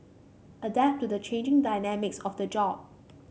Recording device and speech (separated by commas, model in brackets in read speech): mobile phone (Samsung C5), read sentence